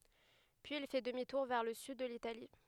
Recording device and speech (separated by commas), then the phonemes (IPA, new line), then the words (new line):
headset microphone, read sentence
pyiz il fɛ dəmi tuʁ vɛʁ lə syd də litali
Puis il fait demi-tour vers le sud de l'Italie.